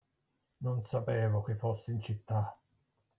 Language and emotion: Italian, angry